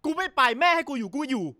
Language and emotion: Thai, angry